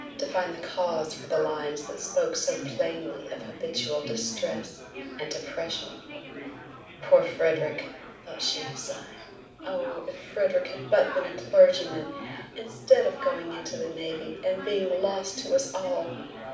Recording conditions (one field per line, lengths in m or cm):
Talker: one person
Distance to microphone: 5.8 m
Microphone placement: far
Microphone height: 1.8 m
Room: medium-sized (5.7 m by 4.0 m)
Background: babble